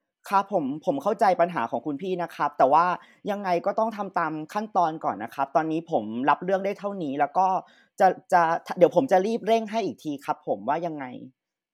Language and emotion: Thai, neutral